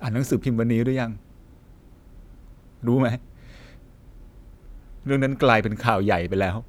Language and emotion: Thai, sad